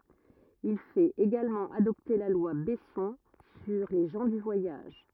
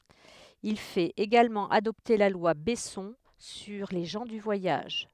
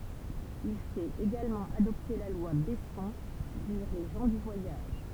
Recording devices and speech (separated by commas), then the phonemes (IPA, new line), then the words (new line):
rigid in-ear microphone, headset microphone, temple vibration pickup, read sentence
il fɛt eɡalmɑ̃ adɔpte la lwa bɛsɔ̃ syʁ le ʒɑ̃ dy vwajaʒ
Il fait également adopter la loi Besson sur les gens du voyage.